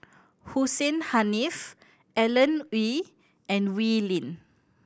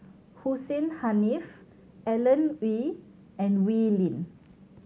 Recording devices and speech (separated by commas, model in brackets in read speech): boundary microphone (BM630), mobile phone (Samsung C7100), read sentence